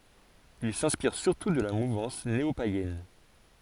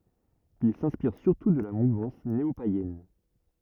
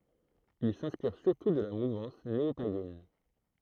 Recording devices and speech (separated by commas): forehead accelerometer, rigid in-ear microphone, throat microphone, read sentence